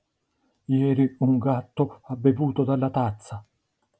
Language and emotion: Italian, fearful